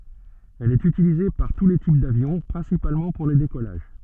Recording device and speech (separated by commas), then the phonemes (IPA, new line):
soft in-ear microphone, read sentence
ɛl ɛt ytilize paʁ tu le tip davjɔ̃ pʁɛ̃sipalmɑ̃ puʁ le dekɔlaʒ